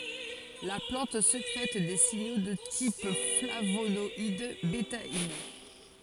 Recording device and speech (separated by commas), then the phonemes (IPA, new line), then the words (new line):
forehead accelerometer, read sentence
la plɑ̃t sekʁɛt de siɲo də tip flavonɔid betain
La plante sécrète des signaux de type flavonoïdes, bétaïnes.